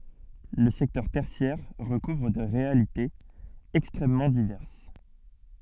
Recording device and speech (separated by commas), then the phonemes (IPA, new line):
soft in-ear microphone, read sentence
lə sɛktœʁ tɛʁsjɛʁ ʁəkuvʁ de ʁealitez ɛkstʁɛmmɑ̃ divɛʁs